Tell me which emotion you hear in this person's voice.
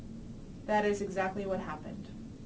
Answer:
neutral